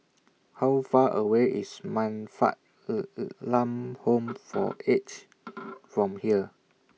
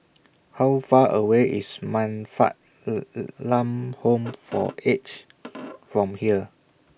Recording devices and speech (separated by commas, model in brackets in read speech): mobile phone (iPhone 6), boundary microphone (BM630), read sentence